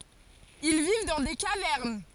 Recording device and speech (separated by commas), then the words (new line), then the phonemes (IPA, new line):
forehead accelerometer, read sentence
Ils vivent dans des cavernes.
il viv dɑ̃ de kavɛʁn